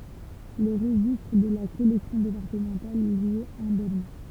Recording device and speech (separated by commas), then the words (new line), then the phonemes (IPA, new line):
temple vibration pickup, read sentence
Le registre de la collection départementale, lui, est indemne.
lə ʁəʒistʁ də la kɔlɛksjɔ̃ depaʁtəmɑ̃tal lyi ɛt ɛ̃dɛmn